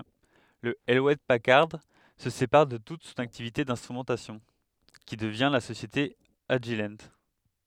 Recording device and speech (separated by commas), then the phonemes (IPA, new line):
headset microphone, read sentence
lə  julɛt pakaʁd sə sepaʁ də tut sɔ̃n aktivite ɛ̃stʁymɑ̃tasjɔ̃ ki dəvjɛ̃ la sosjete aʒil